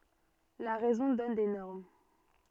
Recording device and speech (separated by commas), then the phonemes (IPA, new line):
soft in-ear microphone, read sentence
la ʁɛzɔ̃ dɔn de nɔʁm